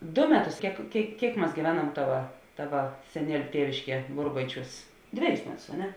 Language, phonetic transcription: Lithuanian, du ˈmeˌtus ˈkiek ˈkėik ˈkiek mas gyˈveˌnam ˈtava ˈtava seˈnieliu ˈtievišˌkie ˈburbaiˌčiūs ˈdveˌjus ˈmeˌtus a ˈne

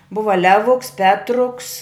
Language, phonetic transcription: Lithuanian, ˈbuva ˈlevuks ˈpetruks

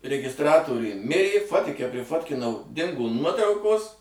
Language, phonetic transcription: Lithuanian, regisˈtratoriuj ˈmirė ˈfotike priˈfotkinau ˈdingo ˈnuotraukos

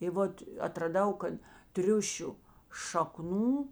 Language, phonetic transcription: Lithuanian, i ˈvot atraˈdau ˈkad ˈtriušiu šaˈknų

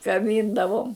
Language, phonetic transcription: Lithuanian, kaˈbyndavom

